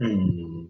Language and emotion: Thai, frustrated